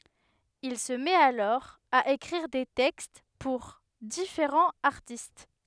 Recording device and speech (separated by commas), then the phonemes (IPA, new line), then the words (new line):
headset microphone, read sentence
il sə mɛt alɔʁ a ekʁiʁ de tɛkst puʁ difeʁɑ̃z aʁtist
Il se met alors à écrire des textes pour différents artistes.